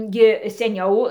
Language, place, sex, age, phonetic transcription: Lithuanian, Dzūkija, female, 60+, ˈgi seˈniau

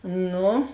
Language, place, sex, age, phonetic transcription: Lithuanian, Žemaitija, female, 18-60, ˈnu

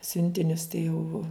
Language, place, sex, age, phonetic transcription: Lithuanian, Žemaitija, female, 60+, ˈsiuntinius tai jau

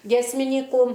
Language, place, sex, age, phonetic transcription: Lithuanian, Aukštaitija, female, 60+, giesmiˈnykų

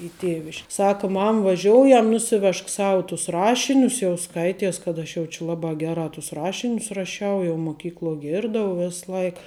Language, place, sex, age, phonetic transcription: Lithuanian, Žemaitija, female, 18-60, i ˈtėviš'k ˈsaka ˈmam vaˈžioujam ˈnusiˌvežk ˈsau tus ˈrašinius jau ˈskaities kad ˈaš jau či ˈlabā ˈgerā tus ˈrašinius raˈšiau jau muˈkykluo ˈgirdau ˈvis ˈlaik

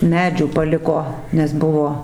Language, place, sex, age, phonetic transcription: Lithuanian, Dzūkija, female, 60+, ˈmedžių paˈliko nes ˈbuvo

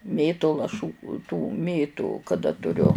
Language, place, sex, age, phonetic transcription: Lithuanian, Žemaitija, female, 60+, ˈmėtu laˈšų tų ˈmėtu kaˈda tuˈriu

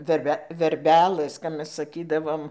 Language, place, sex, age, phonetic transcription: Lithuanian, Dzūkija, female, 60+, verˈbe verˈbelɘs kap ˈmes saˈkydavom

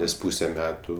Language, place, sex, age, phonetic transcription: Lithuanian, Aukštaitija, male, 18-60, nes ˈpūse ˈmetu

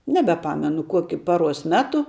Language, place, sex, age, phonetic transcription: Lithuanian, Žemaitija, female, 18-60, nebeˈpamenu ˈkokiu ˈpaˌruos ˈmetu

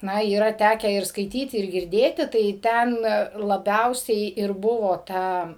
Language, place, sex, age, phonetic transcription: Lithuanian, Suvalkija, female, 60+, ˈna yˈra ˈtekę ir skaiˈtyti ir girˈdėti tai ˈten laˈbiausiai ir ˈbuvo ˈta

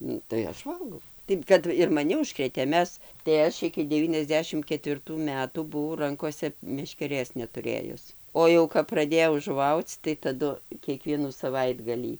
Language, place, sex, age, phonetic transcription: Lithuanian, Dzūkija, female, 60+, ˈnu tai ˈaš ˈvalgau tai ˈkad ir maˈni užˈkrėtė ˈmes tai ˈaš iki deˌvyniasˈdešim ketvirˈtų ˈmetų buˈvau ˈrankose meškeˈrės netuˈrėjus ˈo jau kap praˈdėjau žuˈvauc tai taˈdu kieˈkvienų saˈvaitgalį

